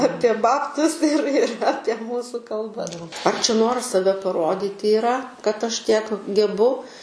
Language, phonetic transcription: Lithuanian, ˈapie ˈbabtus ir ir ˈapie ˈmūsų kalˈba ar čia ˈnoras saˈve paˈrodyti iˈra kad ˈaš ˈtiek geˈbu

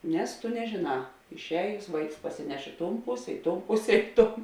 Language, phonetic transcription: Lithuanian, ˈnes tu nežėˈnā išˈējus ˈvaiks pasiˈneš ˈi ˌton ˈpuse ˈi ˌton ˈpuse ˈi ˌton

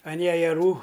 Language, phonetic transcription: Lithuanian, an jejeˈrų

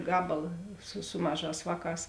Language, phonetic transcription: Lithuanian, ˈgabala su ˈsu maˌžās ˈvāˌkās

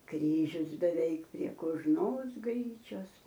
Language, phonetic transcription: Lithuanian, ˈkryžius beˈveik prie kožˈnos ˈgryčios

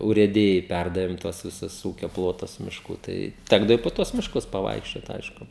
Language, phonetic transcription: Lithuanian, urėˈdijai ˈpærdavėm ˈtuos viˈsus ˈūkio ˈplotus mišˈkų ˈtai ˈtekdavo i po ˈtuos mišˈkus paˈvaikščiot ˈaišku

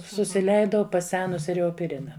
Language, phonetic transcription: Lithuanian, susiˈleidau paˈsenusi reopiˈrina

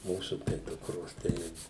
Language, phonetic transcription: Lithuanian, ˈmūsu tai ˈdukros ˈtai

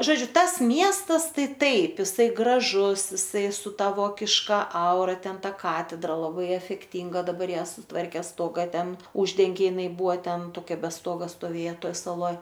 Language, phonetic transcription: Lithuanian, ˈžodžiu ˈtas ˈmiestas ˈtai ˈtaip jiˈsai graˈžus jiˈsai su ˈta ˈvokiška ˈaura ˈten ˈta ˈkatedra laˈbai efekˈtinga daˈbar ˈjie suˈtvarkė ˈstoga ˈten ˈuždengė jiˈnai ˈbūa ˈten toˈkia be ˈstoga stoˈvėja ˈtoj saˈloj

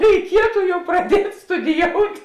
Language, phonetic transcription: Lithuanian, reiˈkietu ˈjau praˈdiet' studiˈjout'

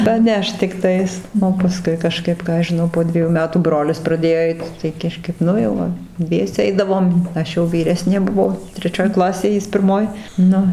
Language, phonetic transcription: Lithuanian, paˈnešt tikˈtais o paˈskui kaˈžkaip ˈką aš žiˈnau po ˈdviejų ˈmetų ˈbrolis praˈdėjo ˈeit tai ˈkažkap ˈnu jau ˈva ˈdviese ˈeidavom ˈaš jau vyˈresnė buˈvo treˈčioj ˈklasėj ˈjis pirˈmoj ˈnu

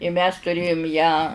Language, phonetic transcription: Lithuanian, i mes tuˈrėjum ją

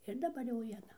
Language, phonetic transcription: Lithuanian, ir daˈbar jau vieˈna

